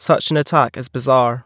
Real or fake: real